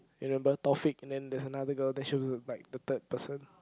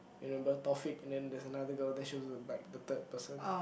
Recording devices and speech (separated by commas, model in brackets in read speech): close-talking microphone, boundary microphone, conversation in the same room